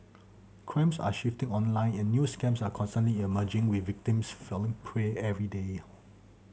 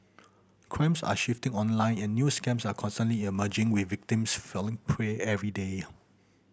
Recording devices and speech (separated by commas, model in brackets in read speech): mobile phone (Samsung C7100), boundary microphone (BM630), read sentence